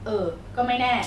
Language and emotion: Thai, neutral